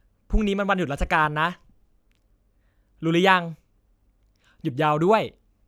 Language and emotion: Thai, neutral